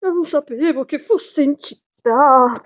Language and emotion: Italian, fearful